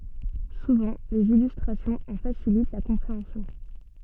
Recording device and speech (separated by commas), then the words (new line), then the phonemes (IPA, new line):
soft in-ear microphone, read sentence
Souvent, des illustrations en facilitent la compréhension.
suvɑ̃ dez ilystʁasjɔ̃z ɑ̃ fasilit la kɔ̃pʁeɑ̃sjɔ̃